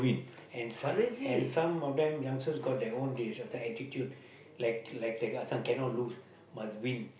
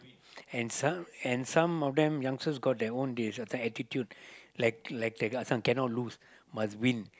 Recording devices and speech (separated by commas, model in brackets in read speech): boundary microphone, close-talking microphone, conversation in the same room